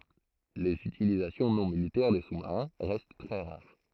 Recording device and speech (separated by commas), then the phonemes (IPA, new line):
throat microphone, read sentence
lez ytilizasjɔ̃ nɔ̃ militɛʁ de susmaʁɛ̃ ʁɛst tʁɛ ʁaʁ